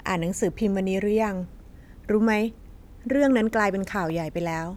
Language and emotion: Thai, neutral